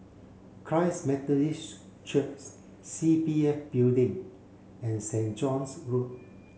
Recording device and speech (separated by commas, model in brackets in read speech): mobile phone (Samsung C7), read sentence